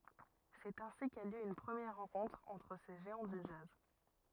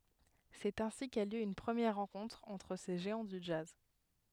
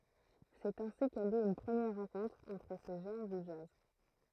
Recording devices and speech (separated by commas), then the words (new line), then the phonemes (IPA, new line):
rigid in-ear microphone, headset microphone, throat microphone, read sentence
C'est ainsi qu'a lieu une première rencontre entre ces géants du jazz.
sɛt ɛ̃si ka ljø yn pʁəmjɛʁ ʁɑ̃kɔ̃tʁ ɑ̃tʁ se ʒeɑ̃ dy dʒaz